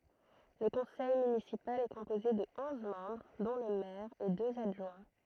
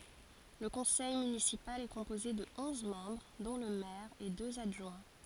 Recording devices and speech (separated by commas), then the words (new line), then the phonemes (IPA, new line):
throat microphone, forehead accelerometer, read sentence
Le conseil municipal est composé de onze membres dont le maire et deux adjoints.
lə kɔ̃sɛj mynisipal ɛ kɔ̃poze də ɔ̃z mɑ̃bʁ dɔ̃ lə mɛʁ e døz adʒwɛ̃